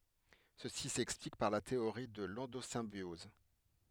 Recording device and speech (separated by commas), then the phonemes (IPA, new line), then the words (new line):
headset microphone, read sentence
səsi sɛksplik paʁ la teoʁi də lɑ̃dozɛ̃bjɔz
Ceci s'explique par la théorie de l'endosymbiose.